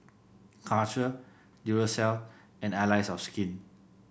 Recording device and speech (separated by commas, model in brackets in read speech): boundary microphone (BM630), read sentence